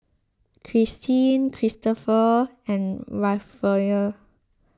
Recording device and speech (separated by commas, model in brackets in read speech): close-talking microphone (WH20), read sentence